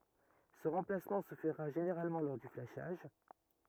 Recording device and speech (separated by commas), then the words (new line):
rigid in-ear microphone, read sentence
Ce remplacement se fera généralement lors du flashage.